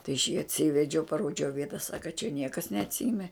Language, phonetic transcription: Lithuanian, tai aš jį atˈsyvedžiau paˈrodžiau ˈvieta ˈsaka čia ˈniekas neatˈsyme

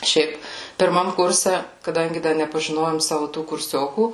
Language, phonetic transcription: Lithuanian, ˈšiaip pirˈmam ˈkurse kaˈdangi ˈda nepažiˈnojom ˈsavu tų kurˈsiokų

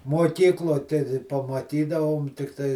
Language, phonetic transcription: Lithuanian, muoˈkyklo te di pamaˈtydavom tikˈtai

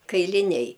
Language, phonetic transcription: Lithuanian, kailiˈniai

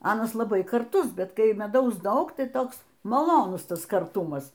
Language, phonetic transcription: Lithuanian, ˈanas laˈbai karˈtus ˈbet kai meˈdaus ˈdaug ˈtai ˈtoks maˈlonus ˈtas karˈtumas

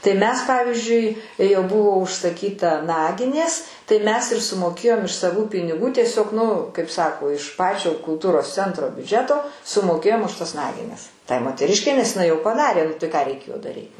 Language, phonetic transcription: Lithuanian, tai ˈmes ˈpavizdžiui jau ˈbuvo užsaˈkyta ˈnaginės tai ˈmes ir sumoˈkėjom iš saˈvų piniˈgų tieˈsiog ˈnu kaip ˈsako iš ˈpačio kulˈtūros ˈcentro biuˈdžeto sumoˈkėjom už tas ˈnagines ˈtai moteˈriškei nes jiˈnai jau paˈdarė ˈnu tai ką reiˈkėjo daˈryt

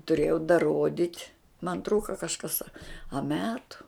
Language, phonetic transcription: Lithuanian, tuˈrėjau daˈrodit' man ˈtrūka kažˈkas a a ˈmetu

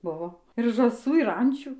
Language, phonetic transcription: Lithuanian, ˈbuvo ir žąˈsų ir ˈančių

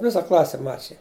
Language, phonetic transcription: Lithuanian, ˈvisa ˈklase ˈmačija

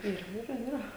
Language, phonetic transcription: Lithuanian, ˈirgi yˈra yˈra

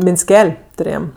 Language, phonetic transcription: Lithuanian, minsˈkel' tuˈrėjam

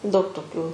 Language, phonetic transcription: Lithuanian, daug toˈkių

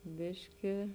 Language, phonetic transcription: Lithuanian, ˈbiški

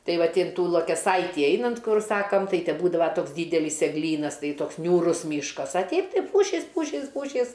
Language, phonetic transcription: Lithuanian, ˈtai ˈvat inˈtų luokeˈsaitį ˈeinant ˈkur ˈsakam ˈtai te ˈbūdava ˈtoks ˈdydelis egˈlynas ˈtai ˈtoks niūˈrus ˈmyškas a ˈteip ˈtai ˈpūšys ˈpūšys ˈpūšys

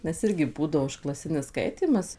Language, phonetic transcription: Lithuanian, nes ˈirgi ˈbūdavo užklaˈsinis ˈskaitymas

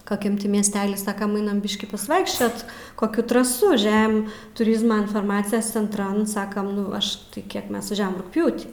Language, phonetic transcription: Lithuanian, kaˈkiam ˈti miesˈtely ˈsakam ˈainam ˈbiškį pasˈvaikščiot koˈkių traˈsų ˈžem tuˈrizma infarˈmacijas cenˈtran ˈsakam ˈnu ˈaš tai ˈkiek ˈmes vaˈžiavam rugˈpjūtį

